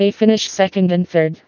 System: TTS, vocoder